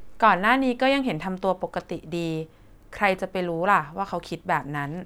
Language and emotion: Thai, neutral